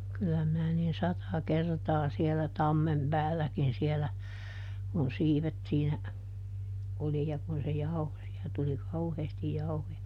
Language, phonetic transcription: Finnish, ˈkyl̆lä minä niin ˈsata "kertaa sielä ˈtammem "päälläkin sielä , kun ˈsiivet siinä , ˈoli ja kun se "jauho - siä tuli ˈkauheestij ˈjauhoja .
- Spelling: kyllä minä niin sata kertaa siellä tammen päälläkin siellä kun siivet siinä oli ja kun se jauhoi siellä tuli kauheasti jauhoja

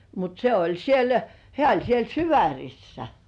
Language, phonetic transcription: Finnish, mut 'se oĺ "siel , 'hĕä̀ oĺ siel "Syväŕissä .
- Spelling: mutta se oli siellä hän oli siellä Syvärissä

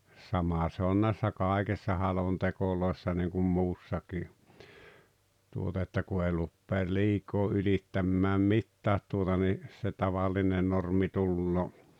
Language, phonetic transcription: Finnish, 'sama se on näissä "kài̬kessa 'halontekoloessa niiŋkum "muussakii , tuota että 'ku ei luppeel "liikoo ylittämmääm "mittäät tuota ni , se "tavaline 'normi "tulloo .
- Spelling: sama se on näissä kaikessa halonteoissa niin kuin muussakin tuota että kun ei rupea liikaa ylittämään mitään tuota niin se tavallinen normi tulee

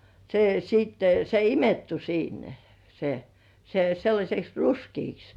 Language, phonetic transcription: Finnish, se sìtte se "imettu 'siinnä (ᴊᴀ) se , se 'sellaśeks "ruskiiks .
- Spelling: se sitten se imettyi siinä ja se se sellaiseksi ruskeaksi

